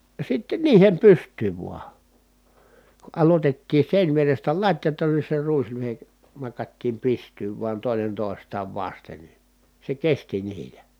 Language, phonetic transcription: Finnish, ja sitten niihem pyst̀yyv vua , ku ʼalotettii sèińvierestä lat́jatan ni se ruislyhe , nakattiim pist̀yyv vuan tòenen tòestaav vasten ni , se kesti niilä .
- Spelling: ja sitten niihin pystyyn vain kun aloitettiin seinävierestä latjata niin se ruislyhde nakattiin pystyyn vain toinen toistaan vasten niin se kesti niillä

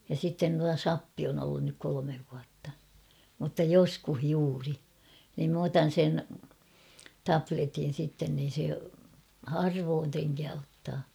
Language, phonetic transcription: Finnish, ja sitten tua "sappi on ‿ollun nyk 'kolomev vuatta , mutta 'joskuh 'juuri , niim m ‿otan̬ sen , "tapletin̬ sitten niin̬ se , 'harvoon treŋkää ottaa .
- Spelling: ja sitten tuo sappi on ollut nyt kolme vuotta mutta joskus juuri niin minä otan sen tabletin sitten niin se harvoin trenkää ottaa

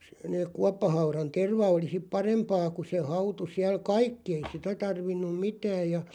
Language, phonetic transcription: Finnish, sᴇ neeᵏ 'kuappahauran "terva oli sip "parempaa ku se 'hautu 'siäl "kaikki ei 'sitä 'tarvinnum "mitääʲ ja .
- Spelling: se ne kuoppahaudan terva oli sitten parempaa kun se hautui siellä kaikki ei sitä tarvinnut mitään ja

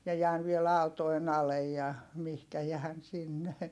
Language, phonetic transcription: Finnish, mie jään viel ‿àu̬toen ‿alej ja , mihkä jään sinne .
- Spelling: minä jään vielä autojen alle ja mihin jään sinne

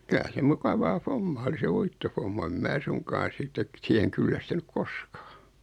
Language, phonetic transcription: Finnish, 'kylä se 'mukavaa "fommaa oli 'se "uittofomma em 'mää "suŋkaan̬ 'sittet , 'siheŋ kyllästynyk "koskᴀᴀ .
- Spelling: kyllä se mukavaa hommaa oli se uittohomma en minä suinkaan sitten siihen kyllästynyt koskaan

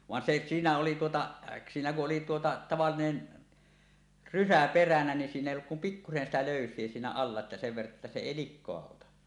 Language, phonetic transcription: Finnish, van 'se , 'siinä oli tuotaˀ , 'siinä ku’ ’oli , tuota tavallinen , "rysä 'peränä nin siin ‿èi olluk kum "pikkusen sitä 'lö̀ys̀ie siinä 'alla että sev verra’ ’että se 'èi "lik̆koa 'ota .
- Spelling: vaan se siinä oli tuota siinä kun oli tuota tavallinen rysä peränä niin siinä ei ollut kuin pikkuisen sitä löysiä siinä alla että sen verran että se ei likaa ota

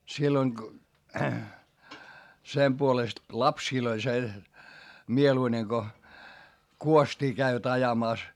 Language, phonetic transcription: Finnish, silloiŋ ko , sem puolest , lapsiil ‿oĺ se , mieluine ko , kuost́ii käivät ajamàs .
- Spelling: silloin kun sen puolesta lapsille oli se mieluinen kun kuostia kävivät ajamassa

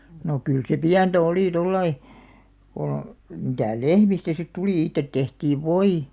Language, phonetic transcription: Finnish, no 'kyl se "piäntä 'oli 'tollai , ko , mitä̀ "lehmistä sit 'tuli 'ittet 'tehtiiv "voi .
- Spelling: no kyllä se pientä oli tuolla lailla kun mitä lehmistä sitten tuli itse tehtiin voi

